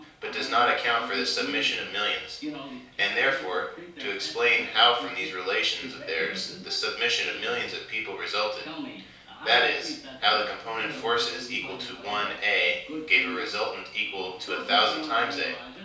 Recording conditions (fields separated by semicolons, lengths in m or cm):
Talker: one person; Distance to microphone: 3.0 m; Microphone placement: far; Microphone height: 1.8 m; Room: small (3.7 m by 2.7 m); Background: television